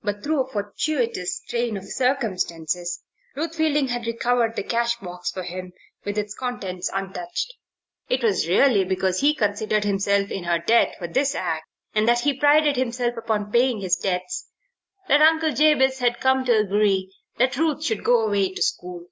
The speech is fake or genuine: genuine